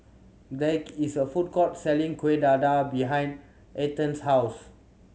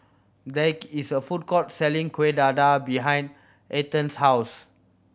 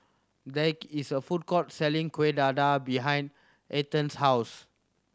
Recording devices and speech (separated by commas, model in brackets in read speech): mobile phone (Samsung C7100), boundary microphone (BM630), standing microphone (AKG C214), read sentence